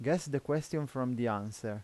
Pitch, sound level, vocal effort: 130 Hz, 85 dB SPL, normal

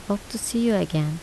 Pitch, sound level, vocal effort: 200 Hz, 77 dB SPL, soft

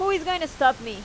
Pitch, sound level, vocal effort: 305 Hz, 94 dB SPL, very loud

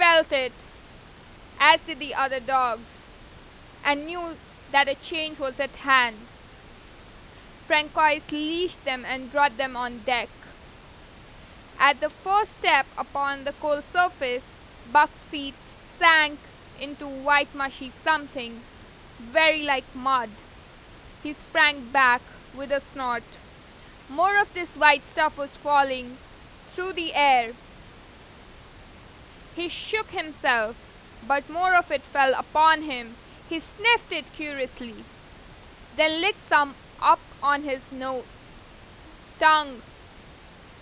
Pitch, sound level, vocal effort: 285 Hz, 97 dB SPL, very loud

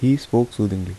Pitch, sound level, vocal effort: 115 Hz, 77 dB SPL, soft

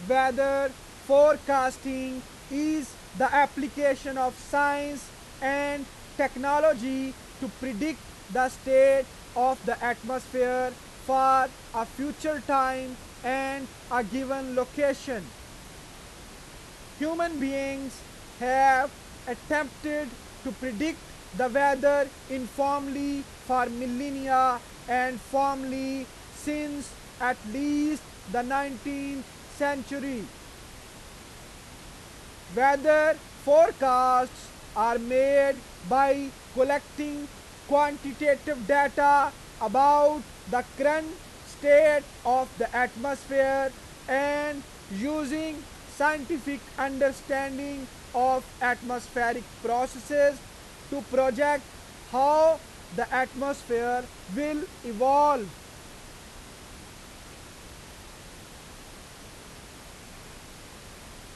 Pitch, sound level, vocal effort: 270 Hz, 99 dB SPL, very loud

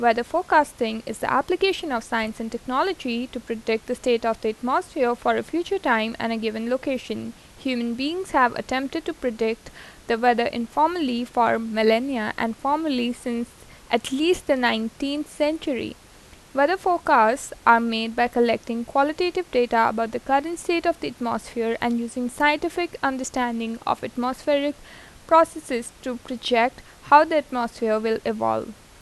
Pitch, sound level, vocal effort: 245 Hz, 84 dB SPL, normal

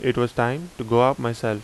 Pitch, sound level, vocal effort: 120 Hz, 85 dB SPL, loud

